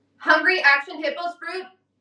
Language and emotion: English, neutral